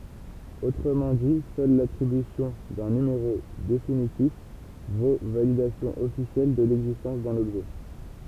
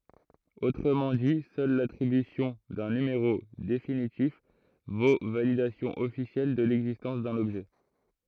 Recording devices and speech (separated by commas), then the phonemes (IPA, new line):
temple vibration pickup, throat microphone, read sentence
otʁəmɑ̃ di sœl latʁibysjɔ̃ dœ̃ nymeʁo definitif vo validasjɔ̃ ɔfisjɛl də lɛɡzistɑ̃s dœ̃n ɔbʒɛ